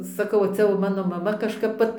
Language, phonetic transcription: Lithuanian, saˈkau ˈcia jau ˈmano maˈma kažˈkap ˈvat

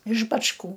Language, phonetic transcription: Lithuanian, iš bačˈkų

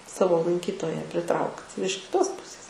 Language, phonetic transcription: Lithuanian, ˈsavo lanˈkytoja priˈtraukt ir iš kiˈtos ˈpusės

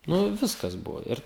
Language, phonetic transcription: Lithuanian, ˈnu ˈviskas ˈbuvo ˈir

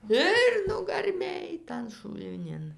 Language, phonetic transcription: Lithuanian, ˈir nugarˈmėj tan šulˈnin

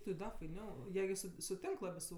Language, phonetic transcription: Lithuanian, ti ˈda faiˈniau ˈjie gi ˈsu suˈtink ˈlabi su

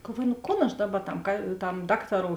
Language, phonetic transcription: Lithuanian, galˈvuoju nu ˈkon aš ˈdaˌba tam ka tam ˈdaktaˌrou

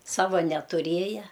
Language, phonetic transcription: Lithuanian, ˈsava netuˈrėja

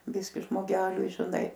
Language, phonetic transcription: Lithuanian, ˈbiski žmoˈgeliui žiˈnai

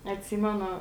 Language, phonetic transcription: Lithuanian, atˈsymenu

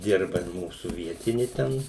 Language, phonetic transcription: Lithuanian, ˈdirba ir ˈmūsų ˈvietini ˈten

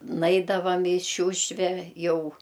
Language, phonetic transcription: Lithuanian, ˈnaidavam i ˈšiūšve ˈjau

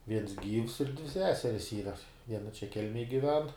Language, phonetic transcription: Lithuanian, ˈviens ˈgyvs ir dvi ˈseseris ˈyra ˈviena čia ˈkelmej giˈven

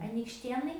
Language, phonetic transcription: Lithuanian, anykšˈtėnai

